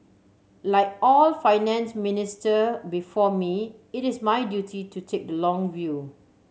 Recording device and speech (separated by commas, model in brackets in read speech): mobile phone (Samsung C7100), read sentence